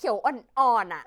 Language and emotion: Thai, frustrated